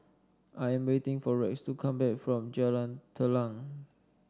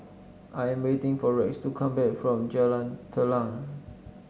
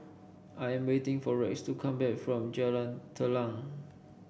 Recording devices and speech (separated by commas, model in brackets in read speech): standing microphone (AKG C214), mobile phone (Samsung S8), boundary microphone (BM630), read sentence